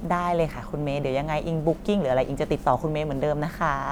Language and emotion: Thai, happy